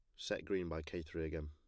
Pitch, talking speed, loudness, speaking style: 80 Hz, 280 wpm, -42 LUFS, plain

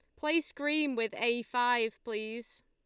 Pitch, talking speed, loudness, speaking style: 240 Hz, 145 wpm, -31 LUFS, Lombard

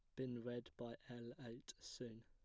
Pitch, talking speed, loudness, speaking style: 120 Hz, 175 wpm, -52 LUFS, plain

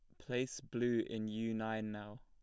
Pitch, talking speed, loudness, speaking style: 110 Hz, 180 wpm, -40 LUFS, plain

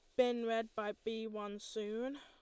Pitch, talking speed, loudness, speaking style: 225 Hz, 180 wpm, -40 LUFS, Lombard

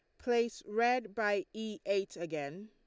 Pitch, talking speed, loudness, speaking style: 210 Hz, 145 wpm, -35 LUFS, Lombard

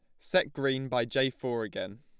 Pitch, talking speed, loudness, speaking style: 130 Hz, 200 wpm, -30 LUFS, plain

